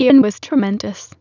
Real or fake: fake